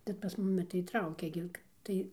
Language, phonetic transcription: Lithuanian, bet pas ˈmumi tai ˈtraukia gi ˈtai

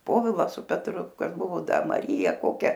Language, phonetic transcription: Lithuanian, ˈpovila su petˈru ˈkas ˈbuvo ˈdar maˈryja ˈkokia

